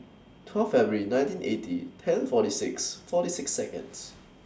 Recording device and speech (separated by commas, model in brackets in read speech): standing microphone (AKG C214), read sentence